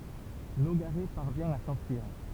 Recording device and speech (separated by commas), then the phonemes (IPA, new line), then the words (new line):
temple vibration pickup, read sentence
noɡaʁɛ paʁvjɛ̃ a sɑ̃fyiʁ
Nogaret parvient à s'enfuir.